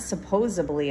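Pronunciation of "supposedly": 'Supposedly' is pronounced incorrectly here.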